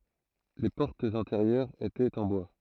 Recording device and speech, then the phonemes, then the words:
throat microphone, read sentence
le pɔʁtz ɛ̃teʁjœʁz etɛt ɑ̃ bwa
Les portes intérieures étaient en bois.

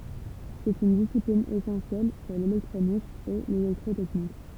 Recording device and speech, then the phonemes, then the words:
temple vibration pickup, read sentence
sɛt yn disiplin esɑ̃sjɛl puʁ lelɛktʁonik e lelɛktʁotɛknik
C'est une discipline essentielle pour l'électronique et l'électrotechnique.

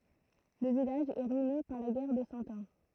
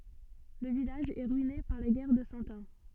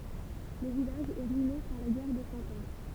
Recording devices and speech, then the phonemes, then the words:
throat microphone, soft in-ear microphone, temple vibration pickup, read sentence
lə vilaʒ ɛ ʁyine paʁ la ɡɛʁ də sɑ̃ ɑ̃
Le village est ruiné par la guerre de Cent Ans.

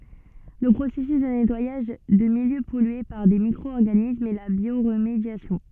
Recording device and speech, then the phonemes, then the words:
soft in-ear microphone, read sentence
lə pʁosɛsys də nɛtwajaʒ də miljø pɔlye paʁ de mikʁo ɔʁɡanismz ɛ la bjoʁmedjasjɔ̃
Le processus de nettoyage de milieux pollués par des micro-organismes est la bioremédiation.

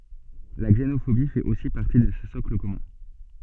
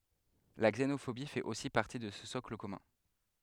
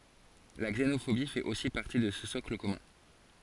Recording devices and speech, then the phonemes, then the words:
soft in-ear microphone, headset microphone, forehead accelerometer, read sentence
la ɡzenofobi fɛt osi paʁti də sə sɔkl kɔmœ̃
La xénophobie fait aussi partie de ce socle commun.

